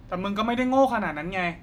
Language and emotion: Thai, frustrated